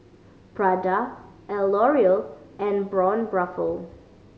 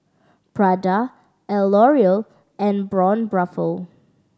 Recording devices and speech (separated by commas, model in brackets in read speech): mobile phone (Samsung C5010), standing microphone (AKG C214), read sentence